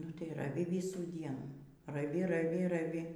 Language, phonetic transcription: Lithuanian, nu tai raˈvi ˈvisų ˈdienų raˈvi raˈvi raˈvi

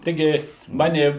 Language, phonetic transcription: Lithuanian, ˈtigi ˈmani

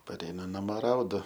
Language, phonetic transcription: Lithuanian, paˈreinu naˈmo ˈraudu

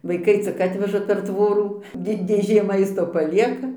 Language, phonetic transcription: Lithuanian, vaiˈkai cik ˈatveža per ˈtvorų ˈdi dėˈžė ˈmaisto paˈlieka

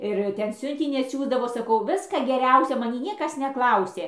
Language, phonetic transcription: Lithuanian, ir ˈten ˈsiuntinį atˈsiųsdavo saˈkau ˈviska geˈriausio maˈnį ˈniekas neˈklausė

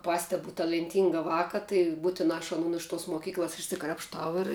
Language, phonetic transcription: Lithuanian, ˈpastebu talenˈtynga ˈvāka tai ˈbūtinā aš aˈnun iš tos moˈkyklas išsikrapšˈtau ir

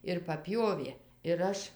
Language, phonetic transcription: Lithuanian, ir paˈpjovė ir ˈaš

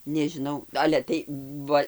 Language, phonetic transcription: Lithuanian, nežiˈnau ˈale tai ˈva

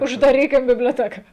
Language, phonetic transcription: Lithuanian, uždaˈrykim biblioˈteka

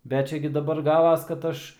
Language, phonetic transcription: Lithuanian, ˈbet ˈčia gi daˈbar ˈgavas kad ˈaš

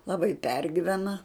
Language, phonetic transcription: Lithuanian, laˈbai ˈpergyvena

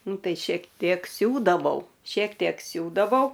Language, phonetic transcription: Lithuanian, ˈnu ˈtai šiek ˈtiek ˈsiūdavau šiek ˈtiek ˈsiūdavau

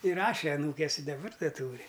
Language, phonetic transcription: Lithuanian, iˈraše aˈnūkės i daˈbar da ˈtūri

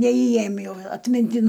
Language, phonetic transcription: Lithuanian, neįˈėjim jau atminˈtin

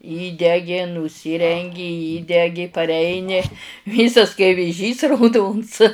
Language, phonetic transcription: Lithuanian, ˈįdegi nuˈsyrengi ˈįdegi parˈeini ˈvysas kai vėˈžys rauˈdons

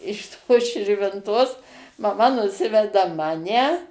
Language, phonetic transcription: Lithuanian, iš ˈtos širvinˈtos maˈma nuˈsiveda ˈmane

